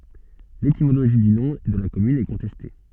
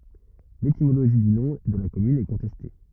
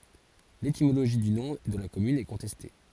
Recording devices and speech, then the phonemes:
soft in-ear microphone, rigid in-ear microphone, forehead accelerometer, read sentence
letimoloʒi dy nɔ̃ də la kɔmyn ɛ kɔ̃tɛste

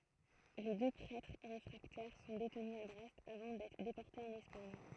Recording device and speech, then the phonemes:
throat microphone, read sentence
le dø pʁɛtʁ ʁefʁaktɛʁ sɔ̃ detny a bʁɛst avɑ̃ dɛtʁ depɔʁtez ɑ̃n ɛspaɲ

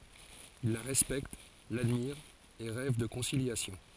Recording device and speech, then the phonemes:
forehead accelerometer, read sentence
il la ʁɛspɛkt ladmiʁt e ʁɛv də kɔ̃siljasjɔ̃

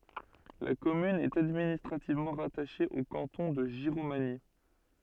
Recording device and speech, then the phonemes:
soft in-ear microphone, read sentence
la kɔmyn ɛt administʁativmɑ̃ ʁataʃe o kɑ̃tɔ̃ də ʒiʁomaɲi

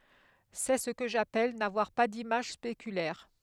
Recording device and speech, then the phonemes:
headset microphone, read sentence
sɛ sə kə ʒapɛl navwaʁ pa dimaʒ spekylɛʁ

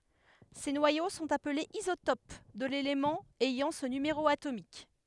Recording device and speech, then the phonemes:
headset microphone, read sentence
se nwajo sɔ̃t aplez izotop də lelemɑ̃ ɛjɑ̃ sə nymeʁo atomik

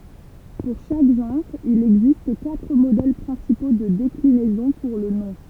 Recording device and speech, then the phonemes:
temple vibration pickup, read sentence
puʁ ʃak ʒɑ̃ʁ il ɛɡzist katʁ modɛl pʁɛ̃sipo də deklinɛzɔ̃ puʁ lə nɔ̃

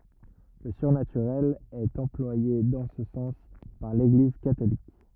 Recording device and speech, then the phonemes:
rigid in-ear microphone, read sentence
lə syʁnatyʁɛl ɛt ɑ̃plwaje dɑ̃ sə sɑ̃s paʁ leɡliz katolik

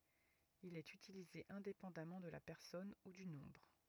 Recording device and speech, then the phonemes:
rigid in-ear microphone, read sentence
il ɛt ytilize ɛ̃depɑ̃damɑ̃ də la pɛʁsɔn u dy nɔ̃bʁ

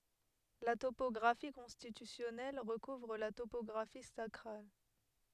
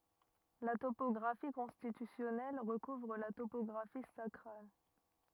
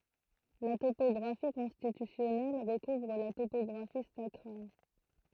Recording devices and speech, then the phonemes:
headset microphone, rigid in-ear microphone, throat microphone, read sentence
la topɔɡʁafi kɔ̃stitysjɔnɛl ʁəkuvʁ la topɔɡʁafi sakʁal

